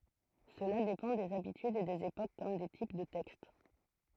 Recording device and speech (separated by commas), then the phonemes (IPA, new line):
throat microphone, read sentence
səla depɑ̃ dez abitydz e dez epok kɔm de tip də tɛkst